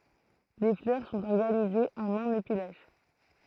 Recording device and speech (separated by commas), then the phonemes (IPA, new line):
throat microphone, read sentence
le flœʁ sɔ̃t ɔʁɡanizez ɑ̃n œ̃n epi laʃ